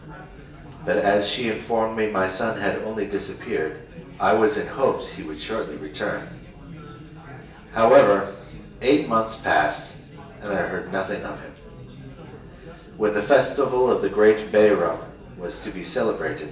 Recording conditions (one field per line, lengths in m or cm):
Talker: one person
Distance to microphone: 1.8 m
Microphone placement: close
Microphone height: 1.0 m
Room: large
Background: babble